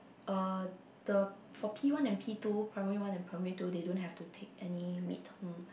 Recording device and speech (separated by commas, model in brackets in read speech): boundary microphone, conversation in the same room